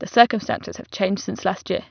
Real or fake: real